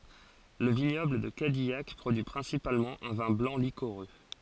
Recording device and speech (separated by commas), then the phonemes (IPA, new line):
forehead accelerometer, read sentence
lə viɲɔbl də kadijak pʁodyi pʁɛ̃sipalmɑ̃ œ̃ vɛ̃ blɑ̃ likoʁø